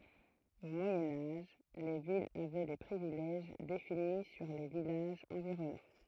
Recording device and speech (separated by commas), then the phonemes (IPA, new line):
throat microphone, read sentence
o mwajɛ̃ aʒ le vilz avɛ de pʁivilɛʒ defini syʁ le vilaʒz ɑ̃viʁɔnɑ̃